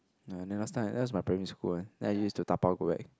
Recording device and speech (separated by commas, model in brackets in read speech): close-talking microphone, conversation in the same room